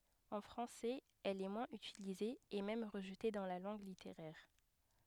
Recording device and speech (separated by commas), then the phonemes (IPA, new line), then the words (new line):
headset microphone, read sentence
ɑ̃ fʁɑ̃sɛz ɛl ɛ mwɛ̃z ytilize e mɛm ʁəʒte dɑ̃ la lɑ̃ɡ liteʁɛʁ
En français, elle est moins utilisée et même rejetée dans la langue littéraire.